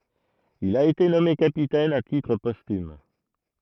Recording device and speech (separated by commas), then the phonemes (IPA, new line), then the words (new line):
throat microphone, read sentence
il a ete nɔme kapitɛn a titʁ pɔstym
Il a été nommé capitaine à titre posthume.